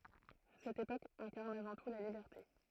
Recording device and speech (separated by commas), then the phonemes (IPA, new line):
throat microphone, read sentence
sɛt epok ɛ̃kaʁn avɑ̃ tu la libɛʁte